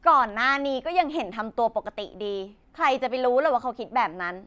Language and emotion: Thai, frustrated